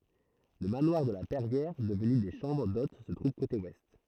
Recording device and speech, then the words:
throat microphone, read sentence
Le manoir de la Perrière, devenu des chambres d'hôtes se trouve côté Ouest.

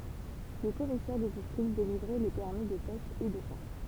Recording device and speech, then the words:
temple vibration pickup, read sentence
Les commissaires de District délivraient les permis de pêche et de chasse.

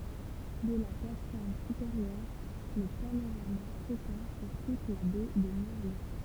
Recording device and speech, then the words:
temple vibration pickup, read sentence
De la plate-forme supérieure, le panorama s'étend sur toute la Baie de Morlaix.

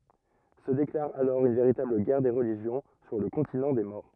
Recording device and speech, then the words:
rigid in-ear microphone, read sentence
Se déclare alors une véritable guerre des religions sur le continent des morts.

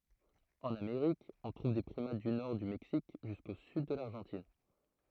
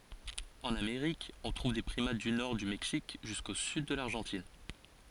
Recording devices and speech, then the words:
throat microphone, forehead accelerometer, read sentence
En Amérique, on trouve des primates du nord du Mexique jusqu'au sud de l'Argentine.

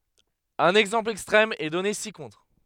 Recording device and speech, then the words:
headset microphone, read sentence
Un exemple extrême est donné ci-contre.

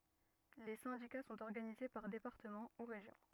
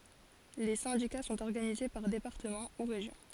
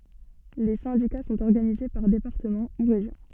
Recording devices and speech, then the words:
rigid in-ear microphone, forehead accelerometer, soft in-ear microphone, read sentence
Les syndicats sont organisés par départements ou régions.

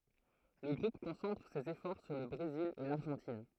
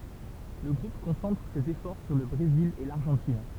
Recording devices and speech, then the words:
throat microphone, temple vibration pickup, read sentence
Le groupe concentre ses efforts sur le Brésil et l'Argentine.

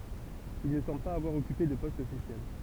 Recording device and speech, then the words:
temple vibration pickup, read sentence
Il ne semble pas avoir occupé de poste officiel.

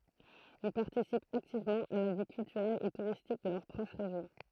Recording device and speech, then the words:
throat microphone, read sentence
Ils participent activement à la vie culturelle et touristique de leur proche région.

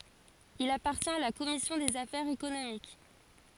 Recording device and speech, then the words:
forehead accelerometer, read sentence
Il appartient à la commission des affaires économiques.

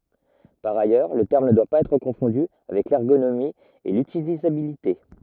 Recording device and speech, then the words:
rigid in-ear microphone, read sentence
Par ailleurs, le terme ne doit pas être confondu avec l’ergonomie et l’utilisabilité.

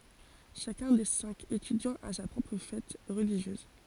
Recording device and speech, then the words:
forehead accelerometer, read sentence
Chacun des cinq étudiants a sa propre fête religieuse.

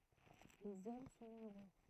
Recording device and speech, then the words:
throat microphone, read sentence
Les hommes sont nombreux.

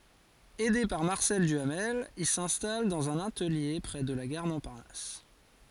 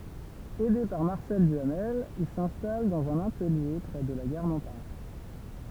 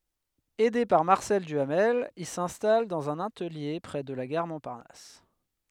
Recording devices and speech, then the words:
forehead accelerometer, temple vibration pickup, headset microphone, read sentence
Aidé par Marcel Duhamel, il s'installe dans un atelier près de la gare Montparnasse.

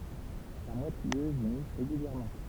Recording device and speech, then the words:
temple vibration pickup, read sentence
La mouette rieuse y niche régulièrement.

